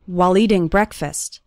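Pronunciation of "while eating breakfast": In 'while eating breakfast', 'while' is said fast and sounds something like 'wall'. The first syllable of 'breakfast' has an eh sound, like 'breck', not like the word 'break'.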